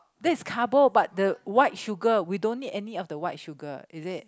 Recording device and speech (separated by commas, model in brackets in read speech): close-talking microphone, conversation in the same room